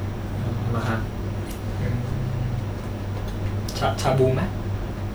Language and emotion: Thai, neutral